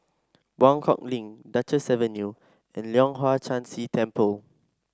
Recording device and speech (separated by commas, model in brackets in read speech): standing microphone (AKG C214), read sentence